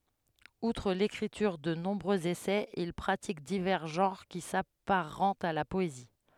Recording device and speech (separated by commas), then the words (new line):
headset microphone, read sentence
Outre l'écriture de nombreux essais, il pratique divers genres qui s'apparentent à la poésie.